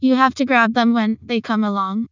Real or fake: fake